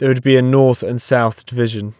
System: none